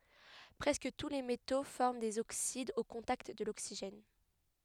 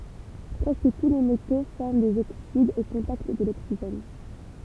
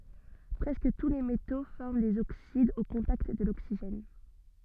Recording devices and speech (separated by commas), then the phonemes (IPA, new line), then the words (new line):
headset microphone, temple vibration pickup, soft in-ear microphone, read sentence
pʁɛskə tu le meto fɔʁm dez oksidz o kɔ̃takt də loksiʒɛn
Presque tous les métaux forment des oxydes au contact de l'oxygène.